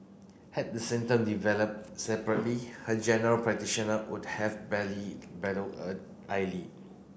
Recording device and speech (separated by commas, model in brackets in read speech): boundary microphone (BM630), read sentence